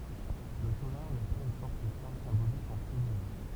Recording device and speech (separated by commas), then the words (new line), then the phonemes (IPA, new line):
temple vibration pickup, read sentence
Le tolar n'a pas une forte charge symbolique en Slovénie.
lə tolaʁ na paz yn fɔʁt ʃaʁʒ sɛ̃bolik ɑ̃ sloveni